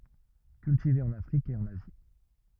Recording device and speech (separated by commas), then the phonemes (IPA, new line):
rigid in-ear microphone, read sentence
kyltive ɑ̃n afʁik e ɑ̃n azi